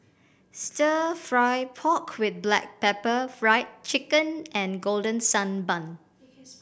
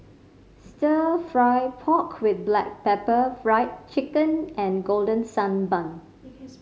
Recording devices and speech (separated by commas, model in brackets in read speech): boundary microphone (BM630), mobile phone (Samsung C5010), read sentence